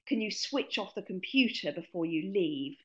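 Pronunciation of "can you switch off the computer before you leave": In this sentence, 'switch off' blends together and sounds almost like one word.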